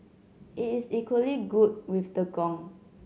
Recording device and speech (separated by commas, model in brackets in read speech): mobile phone (Samsung C7100), read sentence